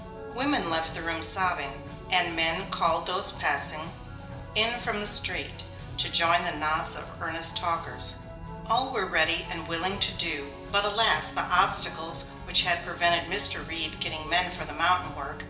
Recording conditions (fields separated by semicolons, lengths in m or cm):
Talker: one person; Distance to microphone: 1.8 m; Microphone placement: close; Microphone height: 1.0 m; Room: large; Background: music